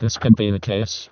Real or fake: fake